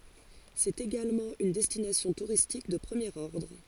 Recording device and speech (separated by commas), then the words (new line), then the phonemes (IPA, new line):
forehead accelerometer, read sentence
C'est également une destination touristique de premier ordre.
sɛt eɡalmɑ̃ yn dɛstinasjɔ̃ tuʁistik də pʁəmjeʁ ɔʁdʁ